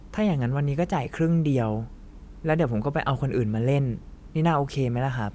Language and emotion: Thai, neutral